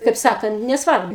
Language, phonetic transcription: Lithuanian, kaip ˈsakant nesˈvarbu

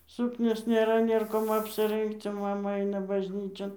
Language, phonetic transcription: Lithuanian, ˈsuknios nėˈra ˈnėr kom apsiˈrɜngc o ˈmama ˈaina bažˈnyčion

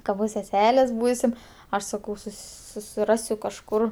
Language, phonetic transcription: Lithuanian, ka ˈbus seˈselės ˈbūsim ˈaš saˈkau ˈsus susiˈrasiu kažˈkur

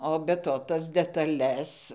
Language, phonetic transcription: Lithuanian, o be ˈto ˈtas detaˈles

